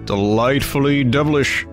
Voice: Deep voice